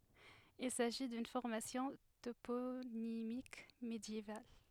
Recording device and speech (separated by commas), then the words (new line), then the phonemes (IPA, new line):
headset microphone, read sentence
Il s'agit d'une formation toponymique médiévale.
il saʒi dyn fɔʁmasjɔ̃ toponimik medjeval